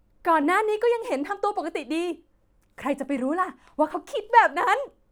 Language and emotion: Thai, happy